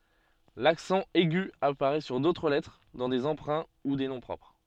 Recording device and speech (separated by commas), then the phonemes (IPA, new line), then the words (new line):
soft in-ear microphone, read sentence
laksɑ̃ ɛɡy apaʁɛ syʁ dotʁ lɛtʁ dɑ̃ de ɑ̃pʁɛ̃ u de nɔ̃ pʁɔpʁ
L'accent aigu apparaît sur d'autres lettres dans des emprunts ou des noms propres.